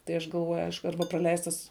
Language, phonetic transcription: Lithuanian, tai ˈaš galˈvoju ˈaišku ˈarba praˈleistas

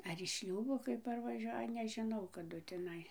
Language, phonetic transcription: Lithuanian, ar iš ˈšliūbo kai parvaˈžiuoja nežiˈnau kaˈdu tiˈnai

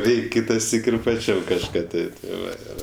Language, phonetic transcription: Lithuanian, ˈreik' ˈkitaˌsyk ir paˈčiam kažˈką ˈti ti ˈva ˈir

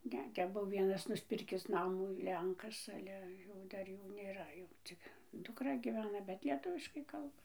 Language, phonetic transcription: Lithuanian, ˈne ˈtep ˈbuo ˈvienas nusˈpirkis ˈnamų ˈlenkas ˈale jau ˈdar ˈjų ˈnėra jau ˈcik dukˈra gyˈvena bet lieˈtuviškai ˈkalba

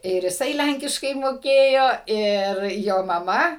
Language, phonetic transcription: Lithuanian, ir jiˈsai ˈlænkiškai moˈkėjo ir ˈjo maˈma

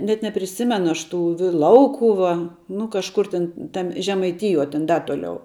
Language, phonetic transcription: Lithuanian, net nepriˈsimenu ˈaš ˈtų vi ˈlaukuva nu kažˈkur tin ˈtam' žemaiˈtijuo ten ˈda tuoˈliau

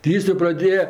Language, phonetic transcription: Lithuanian, ti ˈjis jo praˈdėja

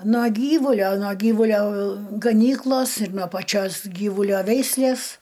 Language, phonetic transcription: Lithuanian, nuo ˈgyvulio nuo ˈgyvulio gaˈnyklos ir nuo paˈčios ˈgyvulio ˈveislės

